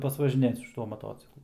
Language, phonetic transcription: Lithuanian, pasvažiˈnėt su šiˈtuo maˈtociklu

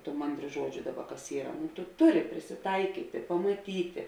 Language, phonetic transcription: Lithuanian, tų ˈmandˌrių ˈžuodžiu ˈdaˌba kas ˈyra tu ˈtuˌri prisiˈtaiˌkytė pamaˈtytė

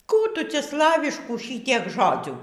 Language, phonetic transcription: Lithuanian, ˈkų ˈtu ˈcia ˈslaviškų ˈšytiek ˈžodzių

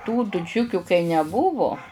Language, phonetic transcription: Lithuanian, tų tuˈčiukiu kai neˈbuvu

